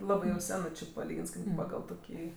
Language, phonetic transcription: Lithuanian, ˈlabɜ jau ˈsenɜ či paˈlygins ˈkaip ˈpagal ˈtokį

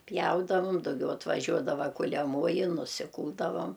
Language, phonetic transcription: Lithuanian, ˈpjaudavum dauˈgiau atvaˈžiuodava kuliaˈmoji nusiˈkūldavam

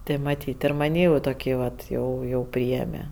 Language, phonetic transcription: Lithuanian, ˈtė maˈtyt' ir maˈnį jau toˈkį vat ˈjau jau ˈpriėme

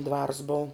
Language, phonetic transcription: Lithuanian, ˈdvars bou

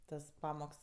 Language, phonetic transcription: Lithuanian, ˈtas ˈpamoks

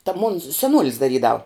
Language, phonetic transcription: Lithuanian, ta mon seˈnuolis daˈrydav

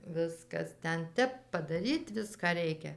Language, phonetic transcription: Lithuanian, ˈviskas ˈten ˈtep padaˈryt ˈviską ˈreikia

